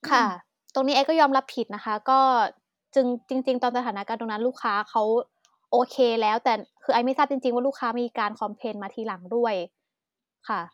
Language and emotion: Thai, sad